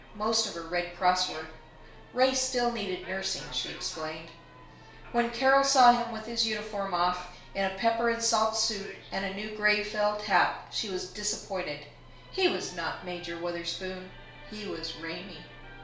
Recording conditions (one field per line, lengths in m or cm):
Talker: one person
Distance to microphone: 1.0 m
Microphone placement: close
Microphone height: 1.1 m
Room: small (3.7 m by 2.7 m)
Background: television